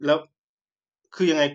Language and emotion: Thai, frustrated